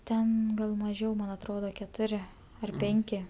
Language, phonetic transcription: Lithuanian, ˈten gal maˈžiau man atˈroda keˈturi ar ˈpenki

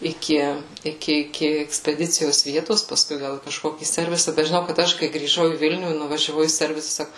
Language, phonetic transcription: Lithuanian, iˈki iˈki iˈki ekspeˈdicijos ˈvietos paˈskui ˈgal į kažˈkokį ˈservisa bet žiˈnau kad ˈaš kai grįˈžau į ˈvilnių i nuvažiaˈvau į ˈservisa ˈsaku

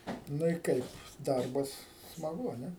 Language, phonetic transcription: Lithuanian, ˈnu i ˈkaip ˈdarbas smaˈgu a ˈne

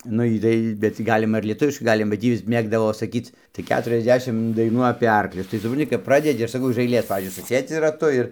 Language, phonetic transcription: Lithuanian, nu ˈjy tai bet tį ˈgalima ir lieˈtuviškai ˈgalima ba ˈtį ˈjis ˈmėgdavo saˈkyc tai ˌketuriasˈdešim daiˈnų apė ˈarklius tai supranˈti kap ˈpradedi aš saˈkau iž aiˈlės pavyzdžiui suˈsėdzi raˈtu ir

